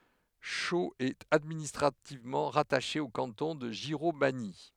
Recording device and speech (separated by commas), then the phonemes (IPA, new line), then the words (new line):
headset microphone, read sentence
ʃoz ɛt administʁativmɑ̃ ʁataʃe o kɑ̃tɔ̃ də ʒiʁomaɲi
Chaux est administrativement rattachée au canton de Giromagny.